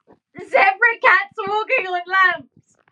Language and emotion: English, sad